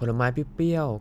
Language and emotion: Thai, neutral